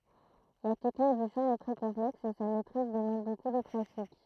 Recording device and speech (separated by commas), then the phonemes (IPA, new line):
throat microphone, read sentence
la tɛknik dy ʃɑ̃ ɛ tʁɛ kɔ̃plɛks e sa mɛtʁiz dəmɑ̃d boku də pʁatik